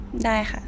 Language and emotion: Thai, neutral